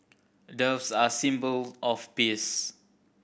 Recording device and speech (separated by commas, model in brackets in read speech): boundary microphone (BM630), read sentence